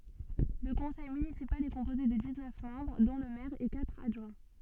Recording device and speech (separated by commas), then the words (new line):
soft in-ear microphone, read sentence
Le conseil municipal est composé de dix-neuf membres dont le maire et quatre adjoints.